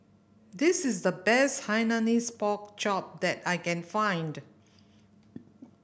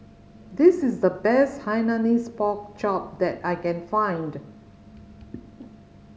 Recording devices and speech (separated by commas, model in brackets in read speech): boundary microphone (BM630), mobile phone (Samsung C5010), read sentence